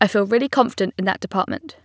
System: none